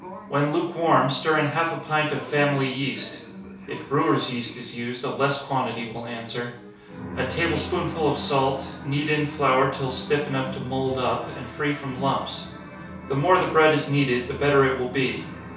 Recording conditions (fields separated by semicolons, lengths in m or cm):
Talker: one person; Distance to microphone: 3.0 m; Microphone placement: far; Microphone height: 1.8 m; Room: small (3.7 m by 2.7 m); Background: television